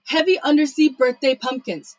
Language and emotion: English, neutral